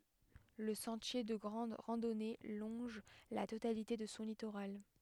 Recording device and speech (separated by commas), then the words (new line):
headset microphone, read sentence
Le sentier de grande randonnée longe la totalité de son littoral.